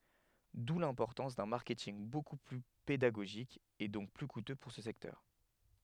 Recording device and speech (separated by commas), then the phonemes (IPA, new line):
headset microphone, read sentence
du lɛ̃pɔʁtɑ̃s dœ̃ maʁkɛtinɡ boku ply pedaɡoʒik e dɔ̃k ply kutø puʁ sə sɛktœʁ